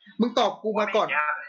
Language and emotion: Thai, angry